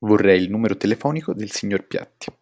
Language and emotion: Italian, neutral